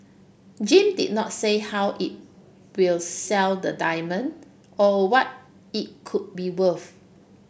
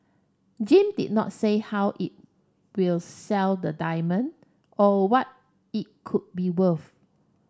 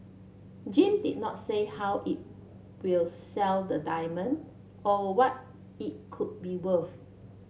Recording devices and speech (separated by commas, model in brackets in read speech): boundary microphone (BM630), standing microphone (AKG C214), mobile phone (Samsung C7), read sentence